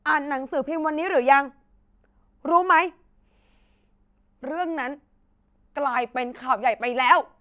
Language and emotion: Thai, angry